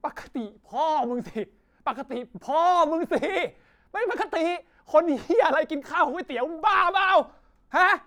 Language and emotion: Thai, angry